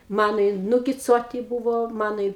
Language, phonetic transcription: Lithuanian, ˈmano i nugiˈcuoti ˈbūvo ˈmano i

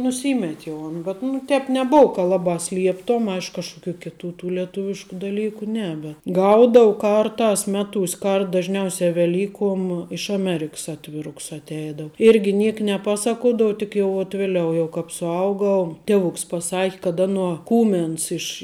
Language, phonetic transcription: Lithuanian, nuˈsymet' jau an bet nu ˈtēp neˈbou ka ˈlabā ˈslieptom ˈaišk kažkuˈkių kiˈtų tų leˈtuvišku daˈlyku ˈne bet ˈgaudou ˈkarˌtās ˈmeˌtūs' ˈkart dažˈniausia veˈlykuom iš aˈmeriks ˈatviruks atˈeidou ˈirgi ˈniek neˈpaˌsakuodav tik jau vat ˈviliau jau ˈkāp suˈaugau ˈtievuks paˈsaki kad ˈanuo ˈkūmens iš

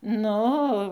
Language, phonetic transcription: Lithuanian, ˈnu o

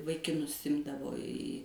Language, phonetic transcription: Lithuanian, vaikiˈnus ˈimdavo į

